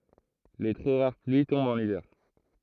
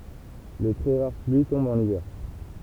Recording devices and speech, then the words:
throat microphone, temple vibration pickup, read sentence
Les très rares pluies tombent en hiver.

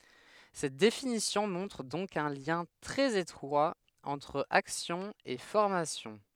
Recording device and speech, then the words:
headset microphone, read sentence
Cette définition montre donc un lien très étroit entre action et formation.

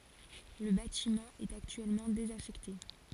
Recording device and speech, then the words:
forehead accelerometer, read sentence
Le bâtiment est actuellement désaffecté.

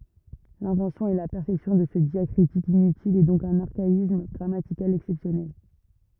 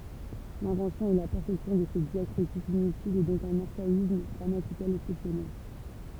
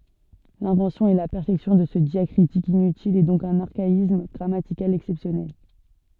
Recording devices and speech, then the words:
rigid in-ear microphone, temple vibration pickup, soft in-ear microphone, read sentence
L'invention et la perfection de ce diacritique inutile est donc d'un archaïsme grammatical exceptionnel.

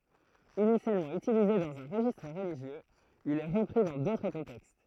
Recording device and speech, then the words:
throat microphone, read sentence
Initialement utilisé dans un registre religieux, il est repris dans d'autres contextes.

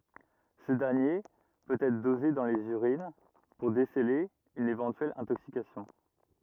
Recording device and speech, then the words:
rigid in-ear microphone, read sentence
Ce dernier peut être dosé dans les urines pour déceler une éventuelle intoxication.

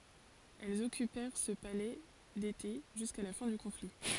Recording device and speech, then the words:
forehead accelerometer, read sentence
Elles occupèrent ce palais d'été jusqu'à la fin du conflit.

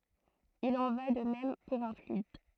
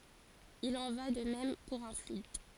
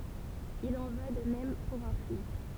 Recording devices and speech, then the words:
throat microphone, forehead accelerometer, temple vibration pickup, read sentence
Il en va de même pour un fluide.

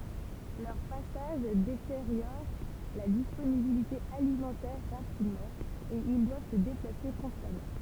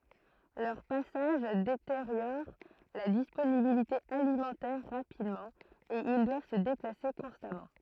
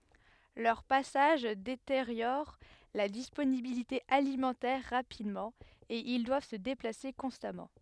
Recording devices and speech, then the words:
temple vibration pickup, throat microphone, headset microphone, read sentence
Leurs passages détériorent la disponibilité alimentaire rapidement et ils doivent se déplacer constamment.

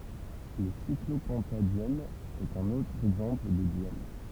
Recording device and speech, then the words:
temple vibration pickup, read sentence
Le cyclopentadiène est un autre exemple de diène.

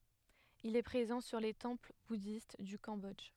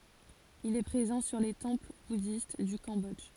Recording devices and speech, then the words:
headset microphone, forehead accelerometer, read sentence
Il est présent sur les temples bouddhistes du Cambodge.

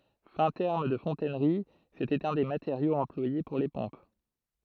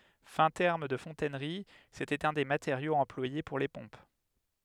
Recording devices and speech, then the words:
throat microphone, headset microphone, read sentence
Fin terme de fontainerie, C'était un des matériaux employé pour les pompes.

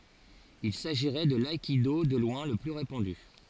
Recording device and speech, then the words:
forehead accelerometer, read sentence
Il s'agirait de l'aïkido de loin le plus répandu.

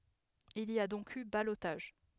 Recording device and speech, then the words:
headset microphone, read sentence
Il y a donc eu ballotage.

